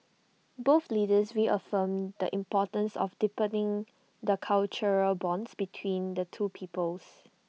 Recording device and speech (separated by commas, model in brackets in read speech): mobile phone (iPhone 6), read sentence